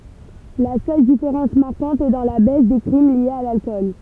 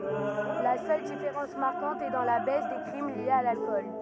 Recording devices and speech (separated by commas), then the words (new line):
temple vibration pickup, rigid in-ear microphone, read sentence
La seule différence marquante est dans la baisse des crimes liés à l'alcool.